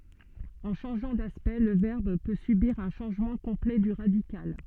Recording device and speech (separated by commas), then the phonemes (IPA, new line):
soft in-ear microphone, read sentence
ɑ̃ ʃɑ̃ʒɑ̃ daspɛkt lə vɛʁb pø sybiʁ œ̃ ʃɑ̃ʒmɑ̃ kɔ̃plɛ dy ʁadikal